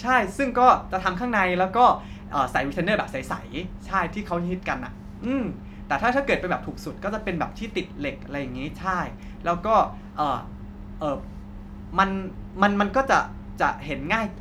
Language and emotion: Thai, neutral